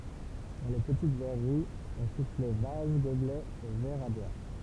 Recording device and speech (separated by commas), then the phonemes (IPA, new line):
temple vibration pickup, read sentence
dɑ̃ le pətit vɛʁəʁiz ɔ̃ suflɛ vaz ɡoblɛz e vɛʁz a bwaʁ